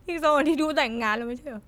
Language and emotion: Thai, sad